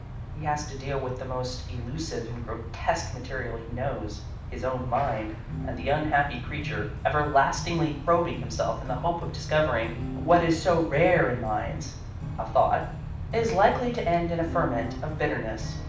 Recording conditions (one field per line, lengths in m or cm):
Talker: one person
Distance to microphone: 5.8 m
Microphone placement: far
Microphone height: 1.8 m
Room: medium-sized (5.7 m by 4.0 m)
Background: music